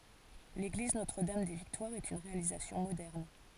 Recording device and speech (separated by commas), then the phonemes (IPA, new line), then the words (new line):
forehead accelerometer, read sentence
leɡliz notʁ dam de viktwaʁz ɛt yn ʁealizasjɔ̃ modɛʁn
L'église Notre-Dame-des-Victoires est une réalisation moderne.